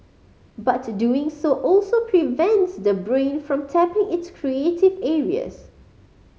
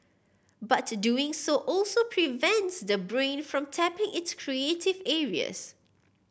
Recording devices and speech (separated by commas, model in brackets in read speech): mobile phone (Samsung C5010), boundary microphone (BM630), read sentence